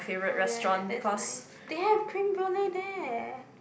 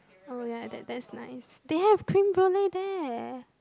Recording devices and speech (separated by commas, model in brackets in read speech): boundary microphone, close-talking microphone, conversation in the same room